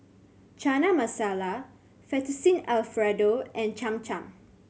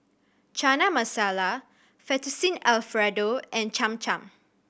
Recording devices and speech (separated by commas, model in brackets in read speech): mobile phone (Samsung C7100), boundary microphone (BM630), read sentence